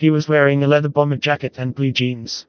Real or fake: fake